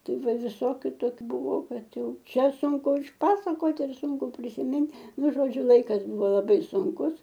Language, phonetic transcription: Lithuanian, ˈtai ˈva viˈsokiu ˈtokiu ˈbuvo ˈkad ˈjau ˈčia ˈsunku išˈpasakot ir ˈsunku prisiˈmint ˈnu žoˈdžiu ˈlaikas ˈbuvo laˈbai sunˈkus

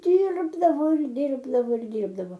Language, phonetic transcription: Lithuanian, ˈdyrbdavo ir ˈdyrbdavo ir dyrbdavo

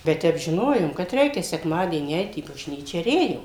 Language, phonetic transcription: Lithuanian, bet ˈtep žiˈnojom kad ˈreikia sekˈmadienį ˈeit į bažˈnyčia ir ˈėjom

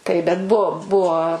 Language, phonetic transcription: Lithuanian, tai ˈbet ˈbuo ˈbuo

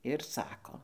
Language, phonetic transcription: Lithuanian, ir ˈsako

